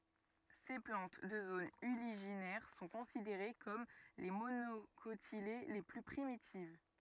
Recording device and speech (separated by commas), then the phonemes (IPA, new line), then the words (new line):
rigid in-ear microphone, read sentence
se plɑ̃t də zonz yliʒinɛʁ sɔ̃ kɔ̃sideʁe kɔm le monokotile le ply pʁimitiv
Ces plantes de zones uliginaires sont considérées comme les monocotylées les plus primitives.